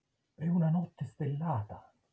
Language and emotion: Italian, surprised